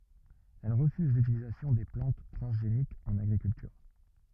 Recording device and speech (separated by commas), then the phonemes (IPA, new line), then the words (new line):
rigid in-ear microphone, read sentence
ɛl ʁəfyz lytilizasjɔ̃ de plɑ̃t tʁɑ̃zʒenikz ɑ̃n aɡʁikyltyʁ
Elle refuse l'utilisation des plantes transgéniques en agriculture.